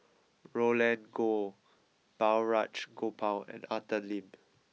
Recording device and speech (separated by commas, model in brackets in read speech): mobile phone (iPhone 6), read sentence